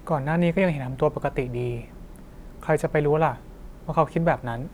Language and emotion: Thai, neutral